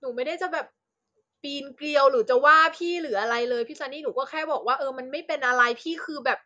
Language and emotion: Thai, frustrated